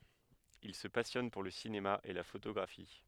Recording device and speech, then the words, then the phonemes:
headset microphone, read sentence
Il se passionne pour le cinéma et la photographie.
il sə pasjɔn puʁ lə sinema e la fotoɡʁafi

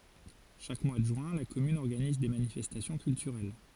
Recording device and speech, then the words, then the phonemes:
forehead accelerometer, read sentence
Chaque mois de juin, la commune organise des manifestations culturelles.
ʃak mwa də ʒyɛ̃ la kɔmyn ɔʁɡaniz de manifɛstasjɔ̃ kyltyʁɛl

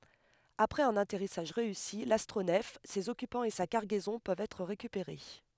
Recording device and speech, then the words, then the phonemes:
headset microphone, read sentence
Après un atterrissage réussi, l'astronef, ses occupants et sa cargaison peuvent être récupérés.
apʁɛz œ̃n atɛʁisaʒ ʁeysi lastʁonɛf sez ɔkypɑ̃z e sa kaʁɡɛzɔ̃ pøvt ɛtʁ ʁekypeʁe

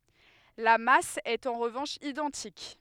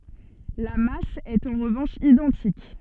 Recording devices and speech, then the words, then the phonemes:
headset microphone, soft in-ear microphone, read sentence
La masse est en revanche identique.
la mas ɛt ɑ̃ ʁəvɑ̃ʃ idɑ̃tik

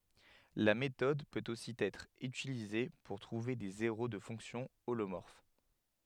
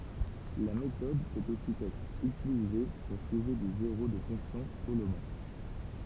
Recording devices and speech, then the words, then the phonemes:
headset microphone, temple vibration pickup, read sentence
La méthode peut aussi être utilisée pour trouver des zéros de fonctions holomorphes.
la metɔd pøt osi ɛtʁ ytilize puʁ tʁuve de zeʁo də fɔ̃ksjɔ̃ olomɔʁf

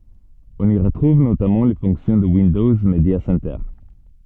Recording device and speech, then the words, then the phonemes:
soft in-ear microphone, read sentence
On y retrouve notamment les fonctions de Windows Media Center.
ɔ̃n i ʁətʁuv notamɑ̃ le fɔ̃ksjɔ̃ də windɔz medja sɛntœʁ

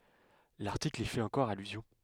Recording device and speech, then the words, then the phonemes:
headset microphone, read sentence
L'article y fait encore allusion.
laʁtikl i fɛt ɑ̃kɔʁ alyzjɔ̃

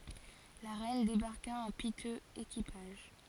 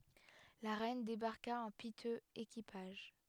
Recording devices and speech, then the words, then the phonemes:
forehead accelerometer, headset microphone, read sentence
La reine débarqua en piteux équipage.
la ʁɛn debaʁka ɑ̃ pitøz ekipaʒ

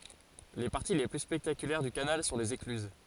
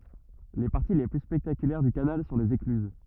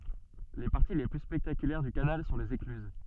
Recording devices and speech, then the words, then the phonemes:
forehead accelerometer, rigid in-ear microphone, soft in-ear microphone, read sentence
Les parties les plus spectaculaires du canal sont les écluses.
le paʁti le ply spɛktakylɛʁ dy kanal sɔ̃ lez eklyz

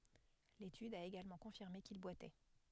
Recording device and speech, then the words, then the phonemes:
headset microphone, read sentence
L'étude a également confirmé qu'il boitait.
letyd a eɡalmɑ̃ kɔ̃fiʁme kil bwatɛ

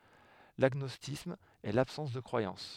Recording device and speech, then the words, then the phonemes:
headset microphone, read sentence
L'agnosticisme est l'absence de croyance.
laɡnɔstisism ɛ labsɑ̃s də kʁwajɑ̃s

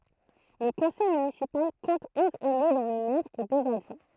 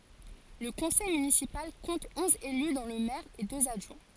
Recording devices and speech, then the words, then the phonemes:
throat microphone, forehead accelerometer, read sentence
Le conseil municipal compte onze élus dont le maire et deux adjoints.
lə kɔ̃sɛj mynisipal kɔ̃t ɔ̃z ely dɔ̃ lə mɛʁ e døz adʒwɛ̃

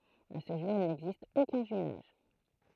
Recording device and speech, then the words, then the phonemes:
throat microphone, read sentence
À ce jour, il n'existe aucun jumelage.
a sə ʒuʁ il nɛɡzist okœ̃ ʒymlaʒ

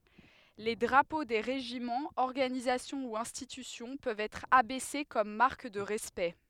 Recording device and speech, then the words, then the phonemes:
headset microphone, read sentence
Les drapeaux des régiments, organisations ou institutions peuvent être abaissés comme marque de respect.
le dʁapo de ʁeʒimɑ̃z ɔʁɡanizasjɔ̃ u ɛ̃stitysjɔ̃ pøvt ɛtʁ abɛse kɔm maʁk də ʁɛspɛkt

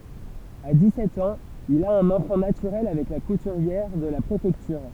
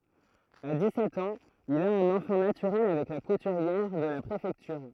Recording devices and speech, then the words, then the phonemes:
temple vibration pickup, throat microphone, read sentence
À dix-sept ans, il a un enfant naturel avec la couturière de la préfecture.
a dikssɛt ɑ̃z il a œ̃n ɑ̃fɑ̃ natyʁɛl avɛk la kutyʁjɛʁ də la pʁefɛktyʁ

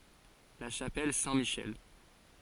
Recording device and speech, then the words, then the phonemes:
forehead accelerometer, read sentence
La chapelle Saint-Michel.
la ʃapɛl sɛ̃tmiʃɛl

